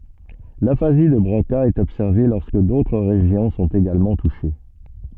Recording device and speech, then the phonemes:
soft in-ear microphone, read sentence
lafazi də bʁoka ɛt ɔbsɛʁve lɔʁskə dotʁ ʁeʒjɔ̃ sɔ̃t eɡalmɑ̃ tuʃe

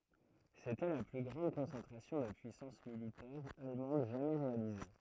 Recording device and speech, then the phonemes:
throat microphone, read sentence
setɛ la ply ɡʁɑ̃d kɔ̃sɑ̃tʁasjɔ̃ də pyisɑ̃s militɛʁ almɑ̃d ʒamɛ ʁealize

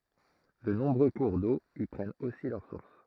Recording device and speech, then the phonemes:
throat microphone, read sentence
də nɔ̃bʁø kuʁ do i pʁɛnt osi lœʁ suʁs

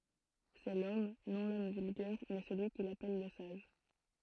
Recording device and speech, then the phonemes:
throat microphone, read sentence
sɛ lɔm nɔ̃ lɔm vylɡɛʁ mɛ səlyi kil apɛl lə saʒ

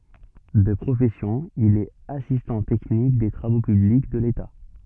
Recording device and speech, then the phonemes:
soft in-ear microphone, read sentence
də pʁofɛsjɔ̃ il ɛt asistɑ̃ tɛknik de tʁavo pyblik də leta

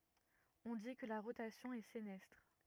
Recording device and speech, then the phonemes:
rigid in-ear microphone, read sentence
ɔ̃ di kə la ʁotasjɔ̃ ɛ senɛstʁ

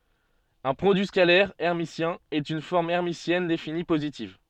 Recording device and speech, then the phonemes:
soft in-ear microphone, read sentence
œ̃ pʁodyi skalɛʁ ɛʁmisjɛ̃ ɛt yn fɔʁm ɛʁmisjɛn defini pozitiv

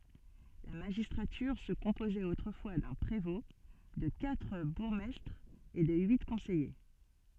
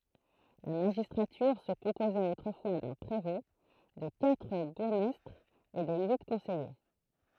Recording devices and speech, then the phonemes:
soft in-ear microphone, throat microphone, read sentence
la maʒistʁatyʁ sə kɔ̃pozɛt otʁəfwa dœ̃ pʁevɔ̃ də katʁ buʁɡmɛstʁz e də yi kɔ̃sɛje

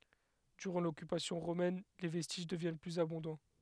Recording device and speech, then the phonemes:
headset microphone, read sentence
dyʁɑ̃ lɔkypasjɔ̃ ʁomɛn le vɛstiʒ dəvjɛn plyz abɔ̃dɑ̃

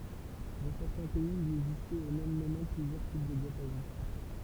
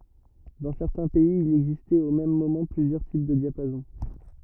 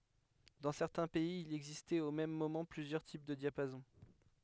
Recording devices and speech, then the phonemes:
temple vibration pickup, rigid in-ear microphone, headset microphone, read sentence
dɑ̃ sɛʁtɛ̃ pɛiz il ɛɡzistɛt o mɛm momɑ̃ plyzjœʁ tip də djapazɔ̃

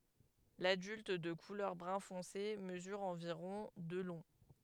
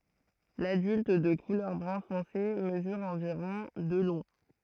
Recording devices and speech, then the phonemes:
headset microphone, throat microphone, read sentence
ladylt də kulœʁ bʁœ̃ fɔ̃se məzyʁ ɑ̃viʁɔ̃ də lɔ̃

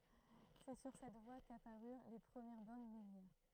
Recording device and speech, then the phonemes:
throat microphone, read sentence
sɛ syʁ sɛt vwa kapaʁyʁ le pʁəmjɛʁ bɔʁn miljɛʁ

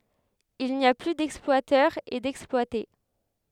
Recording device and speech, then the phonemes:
headset microphone, read sentence
il ni a ply dɛksplwatœʁz e dɛksplwate

